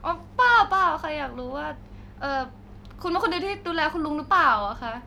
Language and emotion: Thai, neutral